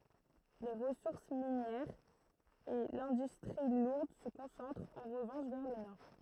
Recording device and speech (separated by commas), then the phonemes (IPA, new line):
throat microphone, read sentence
le ʁəsuʁs minjɛʁz e lɛ̃dystʁi luʁd sə kɔ̃sɑ̃tʁt ɑ̃ ʁəvɑ̃ʃ vɛʁ lə nɔʁ